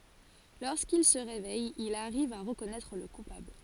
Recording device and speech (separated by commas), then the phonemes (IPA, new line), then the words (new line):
forehead accelerometer, read sentence
loʁskil sə ʁevɛj il aʁiv a ʁəkɔnɛtʁ lə kupabl
Lorsqu'il se réveille, il arrive à reconnaître le coupable.